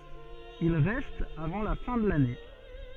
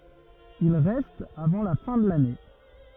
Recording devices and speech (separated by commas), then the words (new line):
soft in-ear microphone, rigid in-ear microphone, read sentence
Il reste avant la fin de l'année.